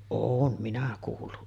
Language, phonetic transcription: Finnish, 'oon̳§ minä kuullu .
- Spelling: olen minä kuullut

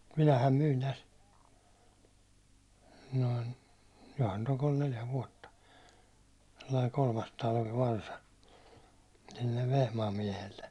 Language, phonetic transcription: Finnish, 'minähäm myyn täs , noin , johan nyt ‿oŋ kol neljä 'vuåtta , sellai 'kolmastalvi 'varsa , sillev 'Vehmaam 'miɛhelle .
- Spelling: minähän myin tässä noin johan nyt on kolme neljä vuotta sellainen kolmastalvi varsa sille Vehmaan miehelle

